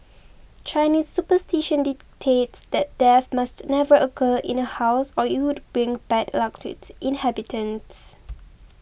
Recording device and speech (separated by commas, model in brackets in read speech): boundary microphone (BM630), read sentence